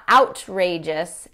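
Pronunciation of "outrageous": This pronunciation of 'outrageous' sounds too formal for most native speakers. It is not the natural way to say the word.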